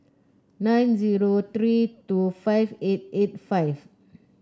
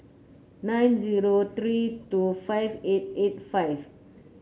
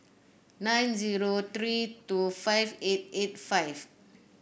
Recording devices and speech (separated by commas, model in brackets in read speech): close-talking microphone (WH30), mobile phone (Samsung C9), boundary microphone (BM630), read sentence